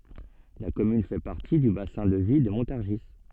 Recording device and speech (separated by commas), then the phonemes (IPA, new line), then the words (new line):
soft in-ear microphone, read sentence
la kɔmyn fɛ paʁti dy basɛ̃ də vi də mɔ̃taʁʒi
La commune fait partie du bassin de vie de Montargis.